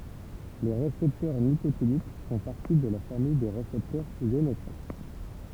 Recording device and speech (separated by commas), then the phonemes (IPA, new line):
temple vibration pickup, read sentence
le ʁesɛptœʁ nikotinik fɔ̃ paʁti də la famij de ʁesɛptœʁz jonotʁop